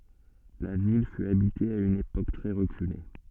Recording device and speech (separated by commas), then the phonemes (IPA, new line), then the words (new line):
soft in-ear microphone, read sentence
la vil fy abite a yn epok tʁɛ ʁəkyle
La ville fut habitée à une époque très reculée.